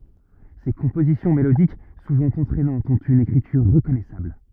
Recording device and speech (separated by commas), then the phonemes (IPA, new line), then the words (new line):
rigid in-ear microphone, read sentence
se kɔ̃pozisjɔ̃ melodik suvɑ̃ ɑ̃tʁɛnɑ̃tz ɔ̃t yn ekʁityʁ ʁəkɔnɛsabl
Ses compositions mélodiques, souvent entraînantes, ont une écriture reconnaissable.